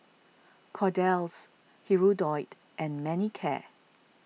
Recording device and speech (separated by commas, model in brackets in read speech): mobile phone (iPhone 6), read sentence